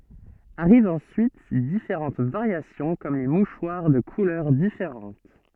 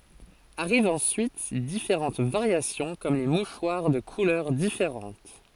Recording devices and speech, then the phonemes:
soft in-ear microphone, forehead accelerometer, read sentence
aʁivt ɑ̃syit difeʁɑ̃t vaʁjasjɔ̃ kɔm le muʃwaʁ də kulœʁ difeʁɑ̃t

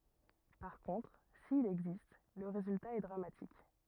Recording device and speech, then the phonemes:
rigid in-ear microphone, read sentence
paʁ kɔ̃tʁ sil ɛɡzist lə ʁezylta ɛ dʁamatik

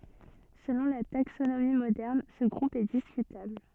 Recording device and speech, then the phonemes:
soft in-ear microphone, read sentence
səlɔ̃ la taksonomi modɛʁn sə ɡʁup ɛ diskytabl

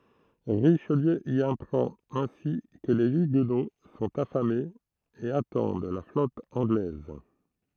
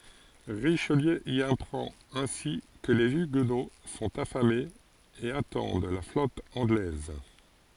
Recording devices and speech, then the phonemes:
throat microphone, forehead accelerometer, read sentence
ʁiʃliø i apʁɑ̃t ɛ̃si kə le yɡno sɔ̃t afamez e atɑ̃d la flɔt ɑ̃ɡlɛz

